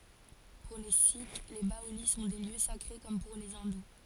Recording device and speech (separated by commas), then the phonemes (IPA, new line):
forehead accelerometer, read sentence
puʁ le sik le baoli sɔ̃ de ljø sakʁe kɔm puʁ le ɛ̃du